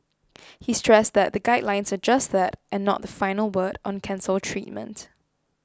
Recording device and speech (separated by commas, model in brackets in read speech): close-talking microphone (WH20), read sentence